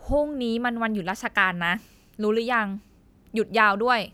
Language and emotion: Thai, frustrated